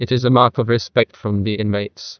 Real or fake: fake